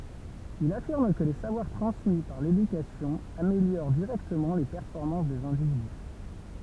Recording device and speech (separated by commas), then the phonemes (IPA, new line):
temple vibration pickup, read sentence
il afiʁm kə le savwaʁ tʁɑ̃smi paʁ ledykasjɔ̃ ameljoʁ diʁɛktəmɑ̃ le pɛʁfɔʁmɑ̃s dez ɛ̃dividy